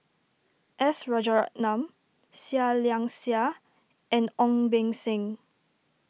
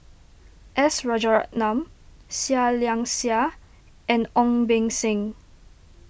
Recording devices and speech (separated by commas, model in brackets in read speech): mobile phone (iPhone 6), boundary microphone (BM630), read sentence